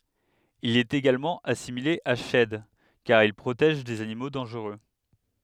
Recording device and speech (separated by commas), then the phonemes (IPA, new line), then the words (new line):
headset microphone, read sentence
il ɛt eɡalmɑ̃ asimile a ʃɛd kaʁ il pʁotɛʒ dez animo dɑ̃ʒʁø
Il est également assimilé à Shed car il protège des animaux dangereux.